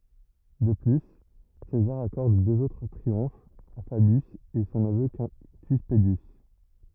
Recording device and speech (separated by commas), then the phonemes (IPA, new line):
rigid in-ear microphone, read sentence
də ply sezaʁ akɔʁd døz otʁ tʁiɔ̃fz a fabjys e sɔ̃ nəvø kɛ̃ty pədjys